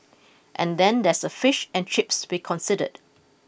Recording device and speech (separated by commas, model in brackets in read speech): boundary microphone (BM630), read sentence